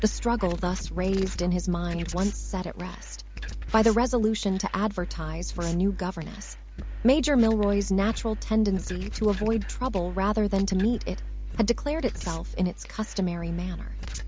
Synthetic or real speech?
synthetic